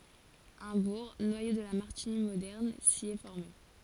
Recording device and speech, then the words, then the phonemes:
forehead accelerometer, read sentence
Un bourg, noyau de la Martigny moderne, s'y est formé.
œ̃ buʁ nwajo də la maʁtiɲi modɛʁn si ɛ fɔʁme

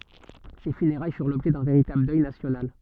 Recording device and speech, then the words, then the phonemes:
soft in-ear microphone, read sentence
Ses funérailles furent l’objet d’un véritable deuil national.
se fyneʁaj fyʁ lɔbʒɛ dœ̃ veʁitabl dœj nasjonal

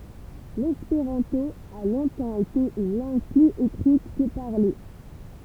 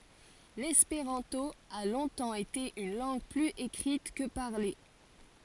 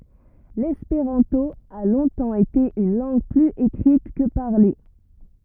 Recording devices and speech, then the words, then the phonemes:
temple vibration pickup, forehead accelerometer, rigid in-ear microphone, read sentence
L’espéranto a longtemps été une langue plus écrite que parlée.
lɛspeʁɑ̃to a lɔ̃tɑ̃ ete yn lɑ̃ɡ plyz ekʁit kə paʁle

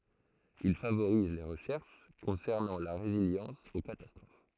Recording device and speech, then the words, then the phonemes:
throat microphone, read sentence
Il favoriser les recherches concernant la résilience aux catastrophes.
il favoʁize le ʁəʃɛʁʃ kɔ̃sɛʁnɑ̃ la ʁeziljɑ̃s o katastʁof

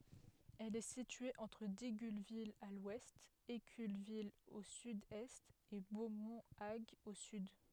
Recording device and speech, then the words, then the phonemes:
headset microphone, read sentence
Elle est située entre Digulleville à l'ouest, Éculleville au sud-est, et Beaumont-Hague au sud.
ɛl ɛ sitye ɑ̃tʁ diɡylvil a lwɛst ekylvil o sydɛst e bomɔ̃ aɡ o syd

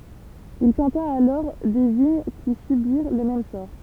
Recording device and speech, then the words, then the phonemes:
temple vibration pickup, read sentence
Il planta alors des vignes qui subirent le même sort.
il plɑ̃ta alɔʁ de viɲ ki sybiʁ lə mɛm sɔʁ

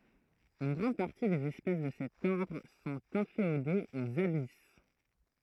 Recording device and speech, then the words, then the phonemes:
throat microphone, read sentence
Une grande partie des espèces de cet ordre sont inféodées aux abysses.
yn ɡʁɑ̃d paʁti dez ɛspɛs də sɛt ɔʁdʁ sɔ̃t ɛ̃feodez oz abis

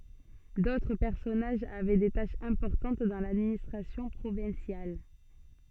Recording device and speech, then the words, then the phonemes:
soft in-ear microphone, read sentence
D'autres personnages avaient des tâches importantes dans l'administration provinciale.
dotʁ pɛʁsɔnaʒz avɛ de taʃz ɛ̃pɔʁtɑ̃t dɑ̃ ladministʁasjɔ̃ pʁovɛ̃sjal

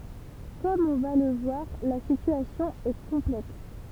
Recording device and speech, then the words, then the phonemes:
temple vibration pickup, read sentence
Comme on va le voir, la situation est complexe.
kɔm ɔ̃ va lə vwaʁ la sityasjɔ̃ ɛ kɔ̃plɛks

